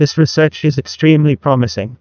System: TTS, neural waveform model